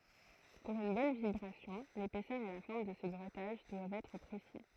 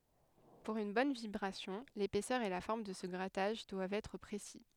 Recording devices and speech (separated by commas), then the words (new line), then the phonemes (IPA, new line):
throat microphone, headset microphone, read sentence
Pour une bonne vibration, l’épaisseur et la forme de ce grattage doivent être précis.
puʁ yn bɔn vibʁasjɔ̃ lepɛsœʁ e la fɔʁm də sə ɡʁataʒ dwavt ɛtʁ pʁesi